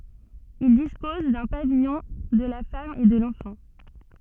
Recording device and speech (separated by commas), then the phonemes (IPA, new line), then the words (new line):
soft in-ear microphone, read sentence
il dispɔz dœ̃ pavijɔ̃ də la fam e də lɑ̃fɑ̃
Il dispose d'un pavillon de la femme et de l'enfant.